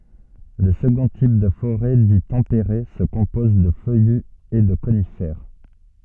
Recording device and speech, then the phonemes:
soft in-ear microphone, read sentence
lə səɡɔ̃ tip də foʁɛ di tɑ̃peʁe sə kɔ̃pɔz də fœjy e də konifɛʁ

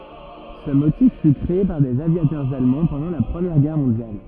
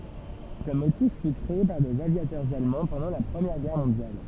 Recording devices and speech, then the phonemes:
rigid in-ear microphone, temple vibration pickup, read sentence
sə motif fy kʁee paʁ dez avjatœʁz almɑ̃ pɑ̃dɑ̃ la pʁəmjɛʁ ɡɛʁ mɔ̃djal

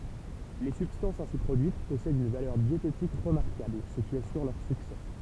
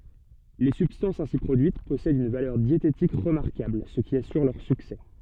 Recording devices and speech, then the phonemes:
temple vibration pickup, soft in-ear microphone, read sentence
le sybstɑ̃sz ɛ̃si pʁodyit pɔsɛdt yn valœʁ djetetik ʁəmaʁkabl sə ki asyʁ lœʁ syksɛ

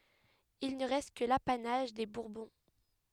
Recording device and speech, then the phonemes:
headset microphone, read sentence
il nə ʁɛst kə lapanaʒ de buʁbɔ̃

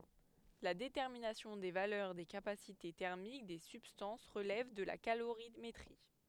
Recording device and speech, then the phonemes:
headset microphone, read sentence
la detɛʁminasjɔ̃ de valœʁ de kapasite tɛʁmik de sybstɑ̃s ʁəlɛv də la kaloʁimetʁi

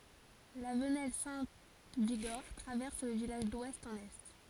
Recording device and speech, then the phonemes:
forehead accelerometer, read sentence
la vənɛl sɛ̃ viɡɔʁ tʁavɛʁs lə vilaʒ dwɛst ɑ̃n ɛ

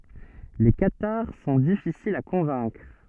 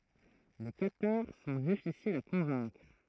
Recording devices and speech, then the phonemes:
soft in-ear microphone, throat microphone, read sentence
le kataʁ sɔ̃ difisilz a kɔ̃vɛ̃kʁ

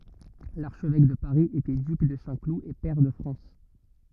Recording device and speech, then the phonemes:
rigid in-ear microphone, read sentence
laʁʃvɛk də paʁi etɛ dyk də sɛ̃klu e pɛʁ də fʁɑ̃s

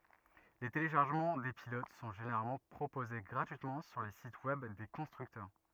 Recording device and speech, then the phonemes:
rigid in-ear microphone, read sentence
le teleʃaʁʒəmɑ̃ de pilot sɔ̃ ʒeneʁalmɑ̃ pʁopoze ɡʁatyitmɑ̃ syʁ le sit wɛb de kɔ̃stʁyktœʁ

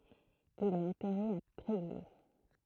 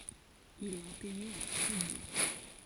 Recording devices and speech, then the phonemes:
throat microphone, forehead accelerometer, read sentence
il ɛt ɑ̃tɛʁe a tʁeɡje

